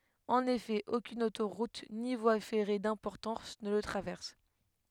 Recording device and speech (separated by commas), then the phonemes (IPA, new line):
headset microphone, read sentence
ɑ̃n efɛ okyn otoʁut ni vwa fɛʁe dɛ̃pɔʁtɑ̃s nə lə tʁavɛʁs